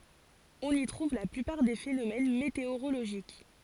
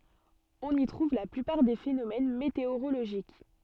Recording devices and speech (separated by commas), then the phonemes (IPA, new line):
forehead accelerometer, soft in-ear microphone, read sentence
ɔ̃n i tʁuv la plypaʁ de fenomɛn meteoʁoloʒik